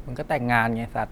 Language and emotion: Thai, frustrated